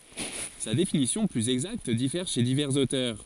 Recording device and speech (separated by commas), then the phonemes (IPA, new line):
forehead accelerometer, read sentence
sa defininisjɔ̃ plyz ɛɡzakt difɛʁ ʃe divɛʁz otœʁ